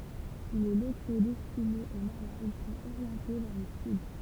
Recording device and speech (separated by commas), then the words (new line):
temple vibration pickup, read sentence
Les locaux destinés aux malades sont orientés vers le sud.